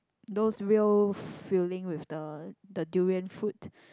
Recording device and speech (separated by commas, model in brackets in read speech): close-talking microphone, conversation in the same room